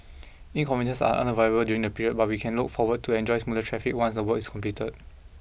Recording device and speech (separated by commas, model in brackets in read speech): boundary microphone (BM630), read sentence